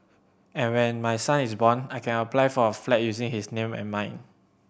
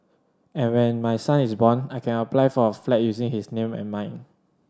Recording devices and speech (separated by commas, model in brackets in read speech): boundary microphone (BM630), standing microphone (AKG C214), read sentence